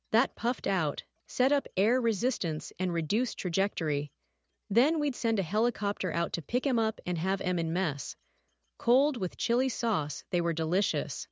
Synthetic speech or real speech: synthetic